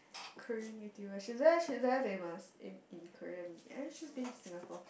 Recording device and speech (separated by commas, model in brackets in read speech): boundary microphone, conversation in the same room